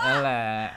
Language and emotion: Thai, frustrated